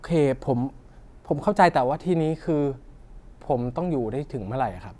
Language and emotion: Thai, frustrated